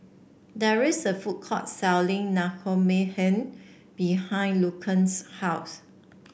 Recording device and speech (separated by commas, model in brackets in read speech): boundary microphone (BM630), read sentence